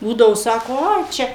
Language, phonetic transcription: Lithuanian, ˈbūdavo ˈsako ˈai ˈčia

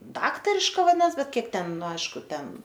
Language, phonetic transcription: Lithuanian, ˈdaktariška vaˈdinas ˈbet ˈkiek ˈten ˈnu ˈaišku ˈten

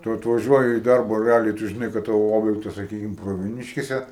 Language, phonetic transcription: Lithuanian, ˈtu atvaˈžiuoji i ˈdarba reˈaliai tu žiˈnai kad ˈtavo ˈobjektas saˈkykim pravieˈniškėse

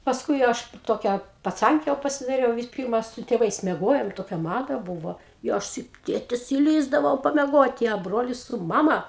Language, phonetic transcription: Lithuanian, pasˈkui ˈaš ˈtokia paˈcanke jau pasidaˈriau vis ˈpirma su tėˈvais mieˈgojom ˈtokia ˈmada ˈbūvo i ˈaš su ˈtėtis iˈlįsdavau pameˈgoti a ˈbrolis su ˈmama

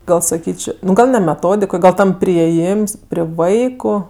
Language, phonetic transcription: Lithuanian, ˈgal saˈkyč' ˈnu ˈgal ne meˈtodik ˈgal ˈtam priėˈjyms pri ˈvaiku

